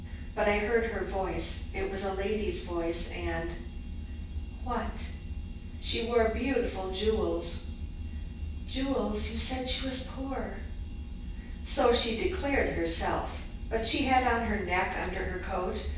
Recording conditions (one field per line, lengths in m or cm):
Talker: one person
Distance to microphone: 9.8 m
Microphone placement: far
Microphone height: 1.8 m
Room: large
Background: none